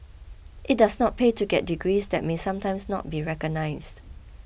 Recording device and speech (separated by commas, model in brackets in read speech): boundary microphone (BM630), read sentence